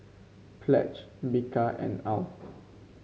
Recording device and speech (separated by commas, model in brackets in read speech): mobile phone (Samsung C5), read sentence